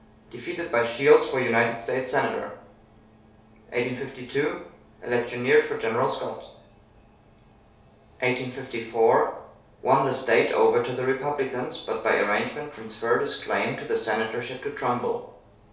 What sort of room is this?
A compact room.